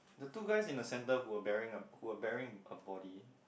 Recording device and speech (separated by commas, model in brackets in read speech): boundary microphone, conversation in the same room